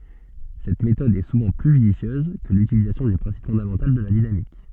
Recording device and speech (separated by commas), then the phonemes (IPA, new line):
soft in-ear microphone, read sentence
sɛt metɔd ɛ suvɑ̃ ply ʒydisjøz kə lytilizasjɔ̃ dy pʁɛ̃sip fɔ̃damɑ̃tal də la dinamik